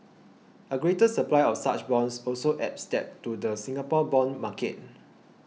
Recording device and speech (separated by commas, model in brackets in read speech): mobile phone (iPhone 6), read sentence